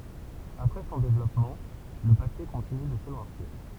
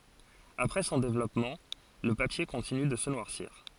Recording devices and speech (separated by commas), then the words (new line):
temple vibration pickup, forehead accelerometer, read sentence
Après son développement, le papier continue de se noircir.